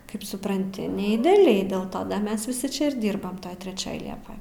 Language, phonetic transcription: Lithuanian, ˈkaip supranˈti ne ideaˈliai ˈdėl ˈto ˈda ˈmes viˈsi ˈčia ir ˈdyrbam ˈtoj treˈčioj ˈliepoj

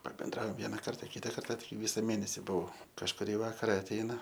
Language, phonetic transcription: Lithuanian, pabenˈdraom ˈviena ˈkarta ˈkita ˈkarta ˈvisa ˈmėnesi buˈau kažkuˈrį ˈvakara atˈeina

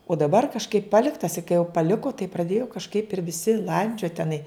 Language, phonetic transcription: Lithuanian, o daˈbar kažˈkaip ˈpaliktas i kai jau paˈliko tai praˈdėjo kažˈkaip ir viˈsi ˈlandžiot teˈnai

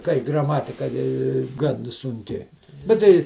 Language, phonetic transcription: Lithuanian, kai graˈmatika i ˈgan sunˈki bet ˈtai

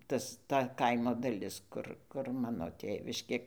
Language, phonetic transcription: Lithuanian, ˈtas ˈta ˈkaimo daˈlis ˈkur kur ˈmano ˈtėviškė

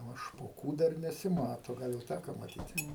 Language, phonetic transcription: Lithuanian, ˈnu špoˈkų ˈdar nesiˈmato ˈgal jau ˈtæko maˈtyti

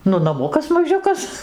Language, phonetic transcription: Lithuanian, ˈnu naˈmukas maˈžiukas

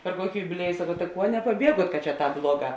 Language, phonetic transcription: Lithuanian, per ˈkuoki jubiˈlieju saˈkau ta ˈkuo nepaˈbieguot kad čia ˈtāp ˈbluoˌgā

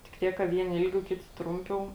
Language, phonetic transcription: Lithuanian, tik ˈtiek ka ˈvieni ˈilˌgiau ˈkiti ˈtrumˌpiau

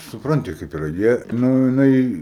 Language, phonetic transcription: Lithuanian, suˈpranti kaip iˈra ˈjie ˈnu jiˈnai

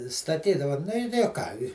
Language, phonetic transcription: Lithuanian, staˈtydava ˈnu i o ˈką i

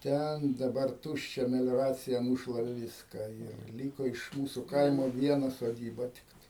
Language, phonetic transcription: Lithuanian, ˈten daˈbar ˈtūščia melioˈracija ˈnūšlave ˈviską ir ˈlyko iš ˈmūsu ˈkaimo ˈviena soˈdyba ˈtiktai

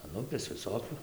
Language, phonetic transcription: Lithuanian, an ˈupės viˈsokiu

